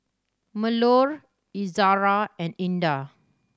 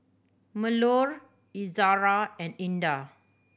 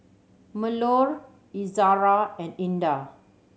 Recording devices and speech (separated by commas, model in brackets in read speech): standing microphone (AKG C214), boundary microphone (BM630), mobile phone (Samsung C7100), read sentence